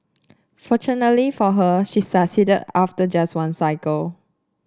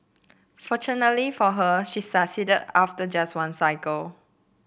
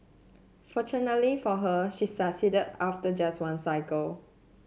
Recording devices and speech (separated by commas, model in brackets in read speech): standing microphone (AKG C214), boundary microphone (BM630), mobile phone (Samsung C7), read sentence